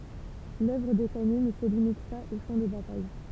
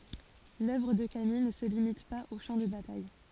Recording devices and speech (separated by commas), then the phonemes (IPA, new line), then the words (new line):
temple vibration pickup, forehead accelerometer, read sentence
lœvʁ də kamij nə sə limit paz o ʃɑ̃ də bataj
L’œuvre de Camille ne se limite pas aux champs de bataille.